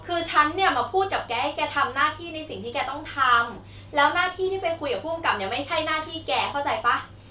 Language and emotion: Thai, frustrated